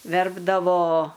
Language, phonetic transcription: Lithuanian, ˈverpdavo

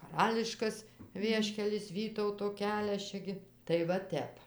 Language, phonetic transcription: Lithuanian, kaˈrališkas ˈvieškelis ˈvytauto ˈkelias ˈčia gi tai va ˈtep

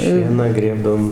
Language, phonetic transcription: Lithuanian, ˈšieną ˈgrėbdavom

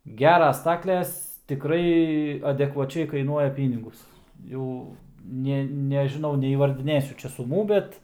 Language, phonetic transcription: Lithuanian, ˈgeras ˈstakles tiˈkrai adekvaˈčiai kaiˈnuoja ˈpynigus ˈjau ˈnė nežiˈnau neįvardiˈnėsiu ˈčia suˈmų ˈbet

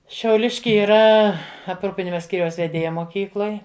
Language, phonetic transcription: Lithuanian, šiauˈliški yˈra apˈrūpinima ˈskyriaus veˈdėja moˈkykloj

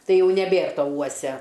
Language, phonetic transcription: Lithuanian, ˈtai ˈjau neˈbėr ˈto ˈuosia

